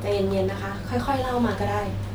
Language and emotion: Thai, neutral